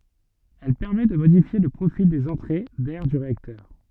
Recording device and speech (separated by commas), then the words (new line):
soft in-ear microphone, read sentence
Elle permettent de modifier le profil des entrées d'air du réacteur.